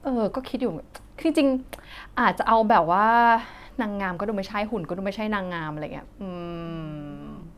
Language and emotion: Thai, frustrated